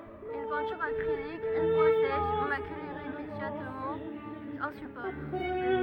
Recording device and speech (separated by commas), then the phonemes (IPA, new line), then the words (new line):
rigid in-ear microphone, read sentence
yn pɛ̃tyʁ akʁilik yn fwa sɛʃ makyl iʁemedjabləmɑ̃ œ̃ sypɔʁ
Une peinture acrylique, une fois sèche, macule irrémédiablement un support.